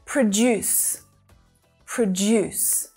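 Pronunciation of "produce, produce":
In both sayings of 'produce', the stress is on the second syllable.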